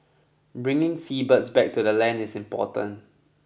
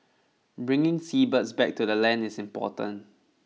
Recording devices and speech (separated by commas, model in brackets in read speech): boundary microphone (BM630), mobile phone (iPhone 6), read sentence